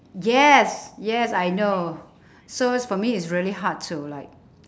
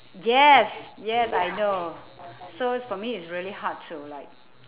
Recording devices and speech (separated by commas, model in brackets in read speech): standing microphone, telephone, conversation in separate rooms